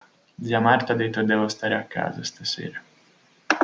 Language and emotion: Italian, sad